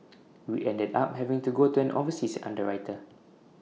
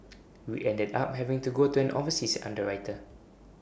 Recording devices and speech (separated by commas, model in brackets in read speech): mobile phone (iPhone 6), boundary microphone (BM630), read sentence